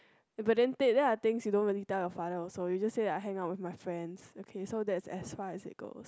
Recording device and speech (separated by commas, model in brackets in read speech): close-talking microphone, conversation in the same room